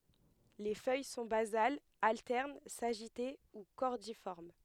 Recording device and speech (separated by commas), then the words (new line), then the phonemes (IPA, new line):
headset microphone, read sentence
Les feuilles sont basales, alternes, sagitées ou cordiformes.
le fœj sɔ̃ bazalz altɛʁn saʒite u kɔʁdifɔʁm